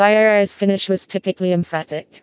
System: TTS, vocoder